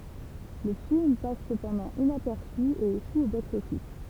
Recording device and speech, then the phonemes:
temple vibration pickup, read sentence
lə film pas səpɑ̃dɑ̃ inapɛʁsy e eʃu o boksɔfis

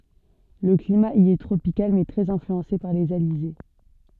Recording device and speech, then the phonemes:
soft in-ear microphone, read sentence
lə klima i ɛ tʁopikal mɛ tʁɛz ɛ̃flyɑ̃se paʁ lez alize

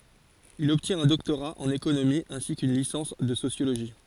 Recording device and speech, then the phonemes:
forehead accelerometer, read sentence
il ɔbtjɛ̃t œ̃ dɔktoʁa ɑ̃n ekonomi ɛ̃si kyn lisɑ̃s də sosjoloʒi

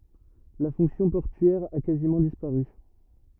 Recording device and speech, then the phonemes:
rigid in-ear microphone, read sentence
la fɔ̃ksjɔ̃ pɔʁtyɛʁ a kazimɑ̃ dispaʁy

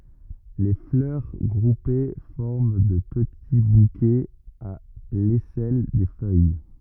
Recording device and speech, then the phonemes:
rigid in-ear microphone, read sentence
le flœʁ ɡʁupe fɔʁm də pəti bukɛz a lɛsɛl de fœj

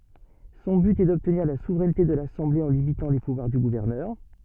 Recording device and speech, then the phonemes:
soft in-ear microphone, read sentence
sɔ̃ byt ɛ dɔbtniʁ la suvʁɛnte də lasɑ̃ble ɑ̃ limitɑ̃ le puvwaʁ dy ɡuvɛʁnœʁ

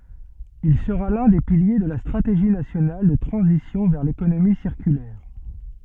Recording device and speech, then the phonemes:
soft in-ear microphone, read sentence
il səʁa lœ̃ de pilje də la stʁateʒi nasjonal də tʁɑ̃zisjɔ̃ vɛʁ lekonomi siʁkylɛʁ

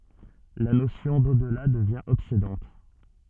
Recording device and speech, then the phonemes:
soft in-ear microphone, read sentence
la nosjɔ̃ dodla dəvjɛ̃ ɔbsedɑ̃t

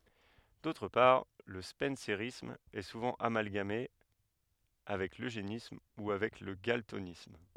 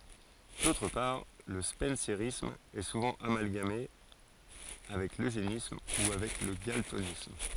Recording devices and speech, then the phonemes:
headset microphone, forehead accelerometer, read sentence
dotʁ paʁ lə spɑ̃seʁism ɛ suvɑ̃ amalɡame avɛk løʒenism u avɛk lə ɡaltonism

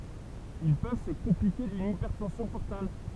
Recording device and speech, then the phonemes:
temple vibration pickup, read sentence
il pøv sə kɔ̃plike dyn ipɛʁtɑ̃sjɔ̃ pɔʁtal

